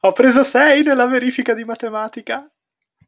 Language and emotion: Italian, happy